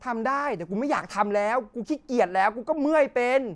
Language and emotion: Thai, angry